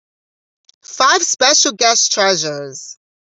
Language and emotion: English, surprised